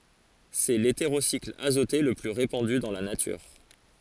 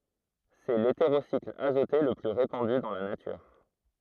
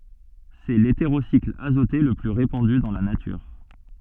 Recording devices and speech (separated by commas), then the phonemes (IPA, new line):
forehead accelerometer, throat microphone, soft in-ear microphone, read sentence
sɛ leteʁosikl azote lə ply ʁepɑ̃dy dɑ̃ la natyʁ